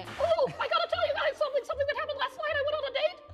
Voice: High-pitched